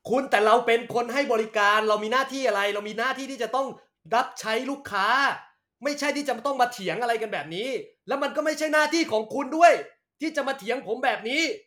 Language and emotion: Thai, angry